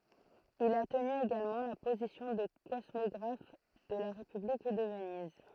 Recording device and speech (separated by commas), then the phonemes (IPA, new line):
throat microphone, read sentence
il a təny eɡalmɑ̃ la pozisjɔ̃ də kɔsmɔɡʁaf də la ʁepyblik də vəniz